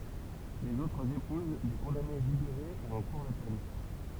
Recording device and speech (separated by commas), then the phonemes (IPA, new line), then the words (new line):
temple vibration pickup, read sentence
lez otʁz epuz de kɔ̃dane libeʁe u ɑ̃ kuʁ də pɛn
Les autres épousent des condamnées libérées ou en cours de peine.